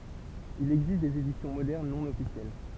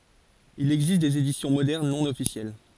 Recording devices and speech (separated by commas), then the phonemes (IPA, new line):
temple vibration pickup, forehead accelerometer, read sentence
il ɛɡzist dez edisjɔ̃ modɛʁn nɔ̃ ɔfisjɛl